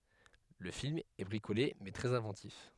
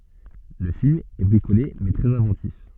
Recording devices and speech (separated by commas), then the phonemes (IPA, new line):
headset microphone, soft in-ear microphone, read sentence
lə film ɛ bʁikole mɛ tʁɛz ɛ̃vɑ̃tif